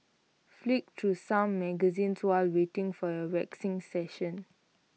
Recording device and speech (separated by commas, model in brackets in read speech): mobile phone (iPhone 6), read sentence